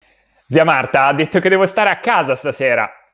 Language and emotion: Italian, happy